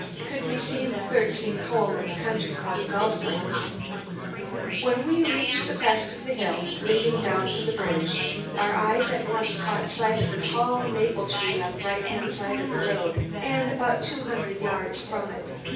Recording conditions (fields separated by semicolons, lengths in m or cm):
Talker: one person; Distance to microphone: 9.8 m; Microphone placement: far; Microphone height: 1.8 m; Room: large; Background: babble